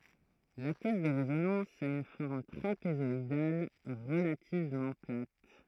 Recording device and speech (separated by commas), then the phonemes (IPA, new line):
throat microphone, read sentence
la kɛs də ʁezonɑ̃s a yn fɔʁm tʁapezɔidal ʁəlativmɑ̃ plat